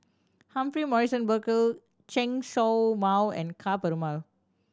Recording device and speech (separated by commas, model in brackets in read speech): standing microphone (AKG C214), read sentence